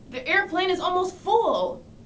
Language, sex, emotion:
English, female, disgusted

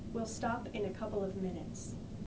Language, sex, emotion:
English, female, neutral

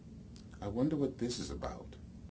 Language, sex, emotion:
English, male, neutral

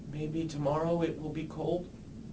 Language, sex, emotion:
English, male, sad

